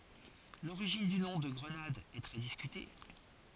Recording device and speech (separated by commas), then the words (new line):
forehead accelerometer, read sentence
L'origine du nom de Grenade est très discutée.